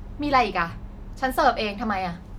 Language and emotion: Thai, angry